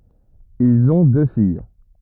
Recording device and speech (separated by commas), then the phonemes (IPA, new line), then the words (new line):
rigid in-ear microphone, read sentence
ilz ɔ̃ dø fij
Ils ont deux filles.